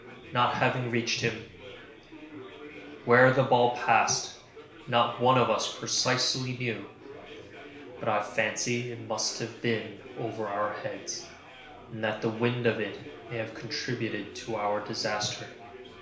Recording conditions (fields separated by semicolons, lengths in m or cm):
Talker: one person; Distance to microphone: 1.0 m; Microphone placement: close; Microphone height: 1.1 m; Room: small (3.7 m by 2.7 m); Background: babble